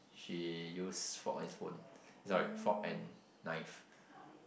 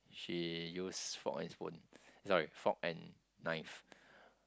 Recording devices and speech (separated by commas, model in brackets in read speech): boundary microphone, close-talking microphone, conversation in the same room